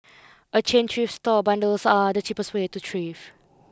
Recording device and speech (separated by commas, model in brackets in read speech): close-talking microphone (WH20), read sentence